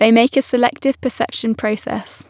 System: none